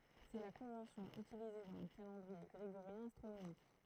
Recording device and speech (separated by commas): throat microphone, read sentence